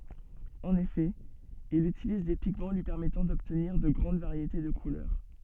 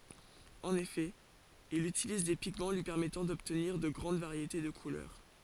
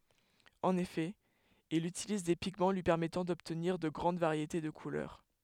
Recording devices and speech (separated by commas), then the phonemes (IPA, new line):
soft in-ear microphone, forehead accelerometer, headset microphone, read sentence
ɑ̃n efɛ il ytiliz de piɡmɑ̃ lyi pɛʁmɛtɑ̃ dɔbtniʁ də ɡʁɑ̃d vaʁjete də kulœʁ